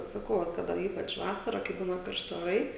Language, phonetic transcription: Lithuanian, saˈkau vat ˈkada ˈypač ˈvasara kai ˈbūna karˈšti oˈrai

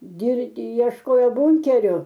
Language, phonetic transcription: Lithuanian, girˈdi iešˈkojo ˈbunkeriu

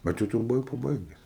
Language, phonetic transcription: Lithuanian, ˈbet tai ˈtu jau buˈvai paˈbaiges

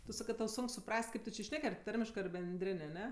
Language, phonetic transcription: Lithuanian, tu ˈsakɜ tau ˈsunk suˈpras't' ˈkaip tu či ˈšnek ar ˈtarmiškɜ ar benˈdrin' aˈne

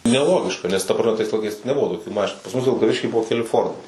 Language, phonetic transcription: Lithuanian, neˈlogiška nes ta praˈme tais laiˈkais neˈbuvo toˈkių ˈmašinų pas ˈmus vilkaˈvišky ˈbuvo keˈli ˈfordai/ford

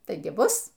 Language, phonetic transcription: Lithuanian, ˈtaigi ˈbus

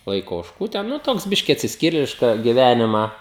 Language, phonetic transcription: Lithuanian, ˈlaiko ožˈkų ˈten nuˈtoks ˈbiški atsisˈkyrėliška giˈvænimą

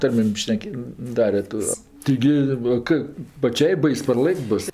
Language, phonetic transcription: Lithuanian, ˈtarmėm ˈšnekė' ˈdare to ˈtaigi ˈva kɜ paˈčiai ˈbais parˈlɘk't' ˈbus

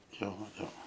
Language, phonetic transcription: Lithuanian, ˈjo ˈjo

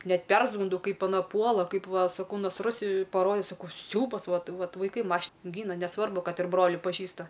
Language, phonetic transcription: Lithuanian, ˈnet ˈpersgunˈdau ˈkaip aˈna ˈpuola ˈkaip ˈva saˈkau nasˈrus paˈrode saˈkau ˈsiaubas ˈvat ˈvat vaiˈkai ˈmaš ˈgyna neˈsvarbu ˈkad ir ˈbroli paˈžįsta

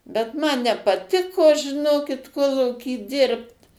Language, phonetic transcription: Lithuanian, bet ˈman nepaˈtiko žiˈnokit ˈkolūky ˈdirbt

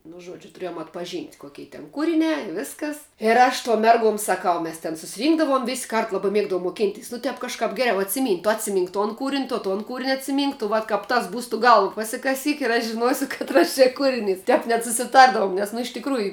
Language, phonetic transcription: Lithuanian, nu ˈžuodžiu tuˈriejom atpaˈžynt' ˈkokei ten ˈkūriniā i ˈviskas ir ˈaš tuom ˈmerguom saˈkau ˈmes ten susiˈrynkdavom vis' kart ˈlaba ˈmiegdavom moˈkinteis nu ˈtep kažˈkap ˈgeriau atsiˈmynt' tu atsiˈmynk ton ˈkūrin' to ˈton kūrin' atsiˈmynk tu ˈvat kap ˈtas ˈbūs tu ˈgalv pasikaˈsyk ir ˈaš žiˈnuosiu katˈras čia ˈkūriˌnys ˈtep net susiˈtardavum ˈnes nu iš tikˈrųju

